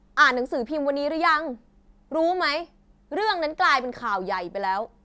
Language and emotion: Thai, angry